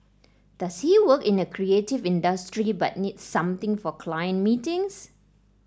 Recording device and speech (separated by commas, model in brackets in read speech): standing microphone (AKG C214), read sentence